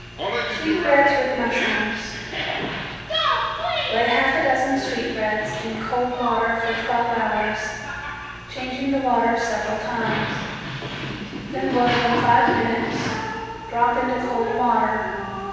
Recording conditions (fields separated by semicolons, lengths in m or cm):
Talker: one person; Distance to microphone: 7.1 m; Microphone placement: far; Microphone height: 1.7 m; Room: very reverberant, large; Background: television